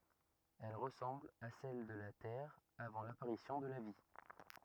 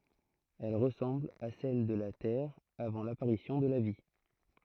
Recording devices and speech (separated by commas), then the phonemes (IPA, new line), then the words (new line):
rigid in-ear microphone, throat microphone, read sentence
ɛl ʁəsɑ̃bl a sɛl də la tɛʁ avɑ̃ lapaʁisjɔ̃ də la vi
Elle ressemble à celle de la Terre avant l'apparition de la vie.